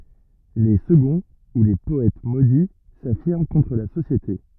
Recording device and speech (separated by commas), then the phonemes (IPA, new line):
rigid in-ear microphone, read sentence
le səɡɔ̃ u le pɔɛt modi safiʁm kɔ̃tʁ la sosjete